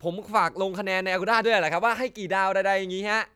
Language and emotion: Thai, happy